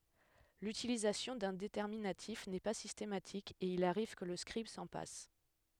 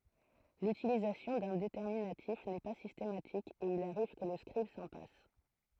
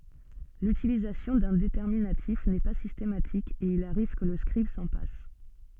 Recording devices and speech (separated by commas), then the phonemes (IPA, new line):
headset microphone, throat microphone, soft in-ear microphone, read sentence
lytilizasjɔ̃ dœ̃ detɛʁminatif nɛ pa sistematik e il aʁiv kə lə skʁib sɑ̃ pas